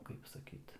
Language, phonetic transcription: Lithuanian, ˈkaip saˈkyt

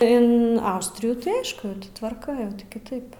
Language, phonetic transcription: Lithuanian, in ˈaustrijų tai ˈaišku ti tvarˈka kiˈtaip

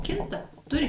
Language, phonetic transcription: Lithuanian, ˈkinta ˈturi

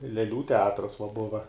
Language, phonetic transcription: Lithuanian, leˈlių teˈatras va ˈbuva

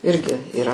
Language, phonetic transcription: Lithuanian, ˈirgi yˈra

